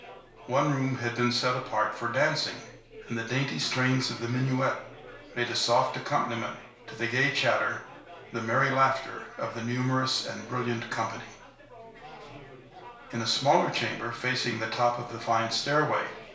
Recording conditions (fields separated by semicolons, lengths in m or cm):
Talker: one person; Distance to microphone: 1.0 m; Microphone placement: close; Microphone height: 1.1 m; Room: small (3.7 m by 2.7 m); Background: babble